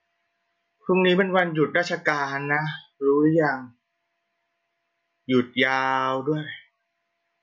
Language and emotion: Thai, frustrated